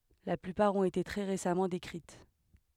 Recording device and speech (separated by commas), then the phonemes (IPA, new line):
headset microphone, read sentence
la plypaʁ ɔ̃t ete tʁɛ ʁesamɑ̃ dekʁit